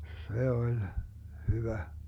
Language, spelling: Finnish, se oli hyvä
- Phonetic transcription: 'se 'oĺ , 'hyvä .

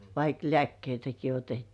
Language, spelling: Finnish, vaikka lääkkeitäkin otettiin
- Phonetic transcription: vaik "lĕä̀kkeitäki 'otettii .

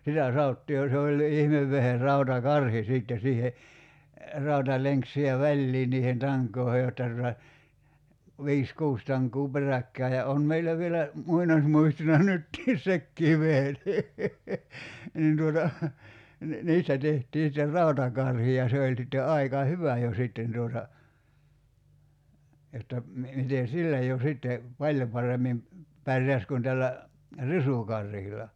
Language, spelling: Finnish, sitä sanottiin ja se olikin ihmevehje rautakarhi sitten siihen rautalenkki siihen väliin niiden tankojen jotta tuota viisi kuusi tankoa peräkkäin ja on meillä vielä muinaismuistona nytkin sekin vehje niin niin tuota niin niistä tehtiin sitten rautakarhi ja se oli sitten aika hyvä jo sitten tuota jotta - miten sillä jo sitten paljon paremmin pärjäsi kuin tällä risukarhilla
- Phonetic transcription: 'sitä 'saottii ja se oĺĺi 'ihmevveher "rauta"karhi 'sìtte 'siihe , 'rauta'leŋk 'sihe "väĺlii niihen 'taŋk̆koohe jotta tuta , 'vi̬is "kuus 'taŋk̀uu "peräkkää ja on 'meillä vielä , 'muinasmuistona 'nyttii "sekkii vehen nii , 'nin tuota , ni , "niistä 'tehtii sⁱter "ràutakarhi ja 'se oĺ sitte 'aika "hyvä jo 'sitten tuota , jotta , mi- 'mite "sillä jo 'sitte , "paĺjo paremmim , 'pärjäs kun tällä , "risùkarhila .

